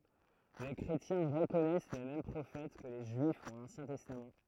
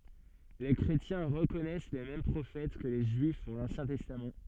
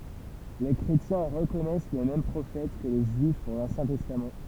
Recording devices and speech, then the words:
throat microphone, soft in-ear microphone, temple vibration pickup, read sentence
Les chrétiens reconnaissent les mêmes prophètes que les Juifs pour l'Ancien Testament.

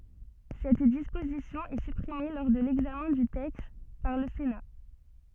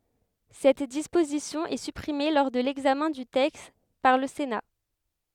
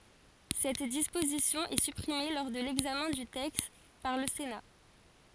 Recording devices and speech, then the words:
soft in-ear microphone, headset microphone, forehead accelerometer, read sentence
Cette disposition est supprimée lors de l'examen du texte par le Sénat.

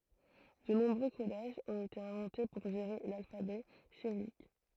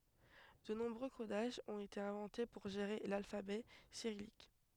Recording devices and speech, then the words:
throat microphone, headset microphone, read sentence
De nombreux codages ont été inventés pour gérer l'alphabet cyrillique.

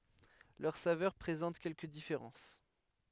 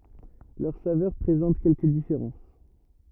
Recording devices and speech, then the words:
headset microphone, rigid in-ear microphone, read sentence
Leurs saveurs présentent quelques différences.

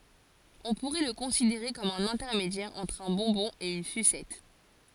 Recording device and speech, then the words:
forehead accelerometer, read sentence
On pourrait le considérer comme un intermédiaire entre un bonbon et une sucette.

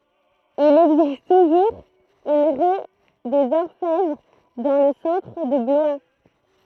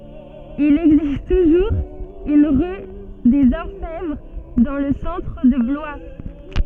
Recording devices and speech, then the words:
throat microphone, soft in-ear microphone, read sentence
Il existe toujours une rue des Orfèvres dans le centre de Blois.

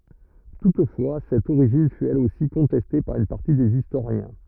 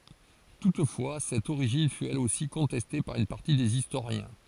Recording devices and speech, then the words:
rigid in-ear microphone, forehead accelerometer, read sentence
Toutefois, cette origine fût elle aussi contestée par une partie des historiens.

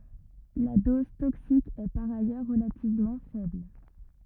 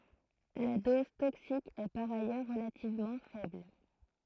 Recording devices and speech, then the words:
rigid in-ear microphone, throat microphone, read sentence
La dose toxique est par ailleurs relativement faible.

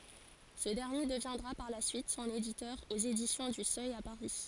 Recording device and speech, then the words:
forehead accelerometer, read sentence
Ce dernier deviendra par la suite son éditeur aux Éditions du Seuil à Paris.

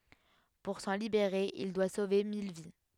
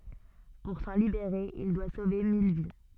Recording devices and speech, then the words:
headset microphone, soft in-ear microphone, read sentence
Pour s'en libérer, il doit sauver mille vies.

